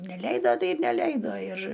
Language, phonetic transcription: Lithuanian, neˈleido ˈtai ir neˈleido ir

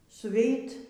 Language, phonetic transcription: Lithuanian, suˈveit

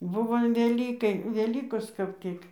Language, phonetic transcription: Lithuanian, ˈbuvo an veˈlykai veˈlykos kap ˈtik

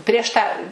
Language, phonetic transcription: Lithuanian, prieš ˈtą

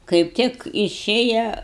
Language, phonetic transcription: Lithuanian, kaip ˈtik iˈšėja

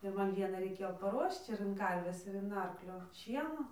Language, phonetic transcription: Lithuanian, ir ˈman ˈvienai raiˈkėjo paˈruošč ir in ˈkarvės ir in ˈarklio ˈšieno

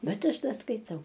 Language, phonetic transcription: Lithuanian, ˈbet ˈaš ˈda skaiˈtau

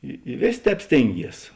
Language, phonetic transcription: Lithuanian, i i ˈvėsė ˈtēp ˈstėnˌgies

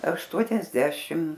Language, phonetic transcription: Lithuanian, ašˈtuoniasdešim

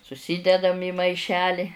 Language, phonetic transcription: Lithuanian, suˈsydedam į maiˈšeli

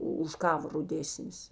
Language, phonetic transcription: Lithuanian, ˈu už ˈkava ruˈdėsnis

